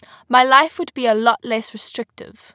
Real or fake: real